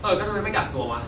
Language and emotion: Thai, neutral